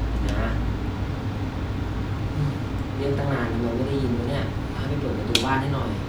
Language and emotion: Thai, frustrated